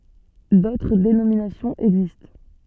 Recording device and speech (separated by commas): soft in-ear microphone, read sentence